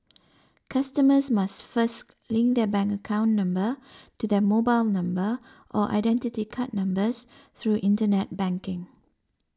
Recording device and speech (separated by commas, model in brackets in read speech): standing microphone (AKG C214), read sentence